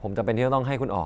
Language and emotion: Thai, neutral